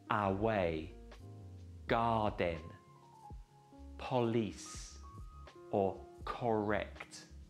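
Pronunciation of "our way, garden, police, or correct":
'Away', 'garden', 'police' and 'correct' are pronounced incorrectly here.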